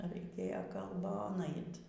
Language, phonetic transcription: Lithuanian, raiˈkėjo kalˈbon ˈait

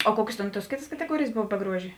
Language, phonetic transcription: Lithuanian, o ˈkuokės ˈtėn tuos ˈkėtas kateˈguorėjės ˈbov be ˈgruožė

